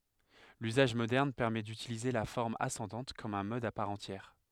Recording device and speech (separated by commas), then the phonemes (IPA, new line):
headset microphone, read sentence
lyzaʒ modɛʁn pɛʁmɛ dytilize la fɔʁm asɑ̃dɑ̃t kɔm œ̃ mɔd a paʁ ɑ̃tjɛʁ